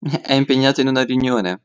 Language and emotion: Italian, happy